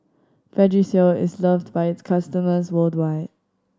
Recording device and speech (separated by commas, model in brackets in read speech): standing microphone (AKG C214), read sentence